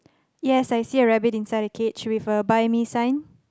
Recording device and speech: close-talking microphone, conversation in the same room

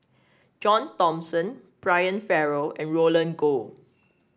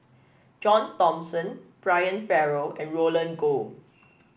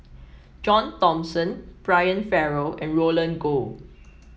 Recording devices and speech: standing microphone (AKG C214), boundary microphone (BM630), mobile phone (iPhone 7), read sentence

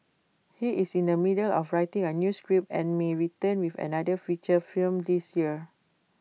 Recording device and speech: mobile phone (iPhone 6), read sentence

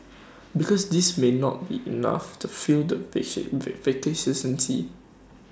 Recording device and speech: standing microphone (AKG C214), read sentence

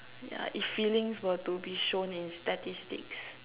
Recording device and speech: telephone, conversation in separate rooms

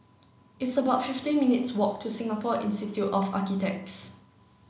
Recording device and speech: mobile phone (Samsung C9), read sentence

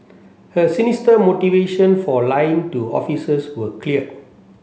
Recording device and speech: mobile phone (Samsung C7), read sentence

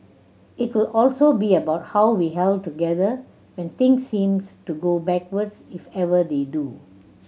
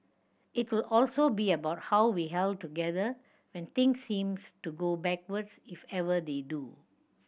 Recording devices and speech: mobile phone (Samsung C7100), boundary microphone (BM630), read sentence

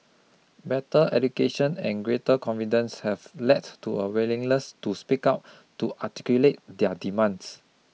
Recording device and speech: mobile phone (iPhone 6), read sentence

